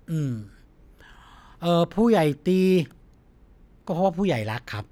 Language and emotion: Thai, neutral